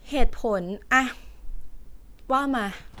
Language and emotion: Thai, frustrated